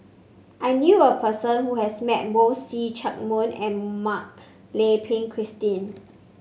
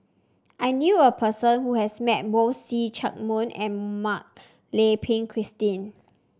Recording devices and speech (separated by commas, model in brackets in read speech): mobile phone (Samsung C5), standing microphone (AKG C214), read sentence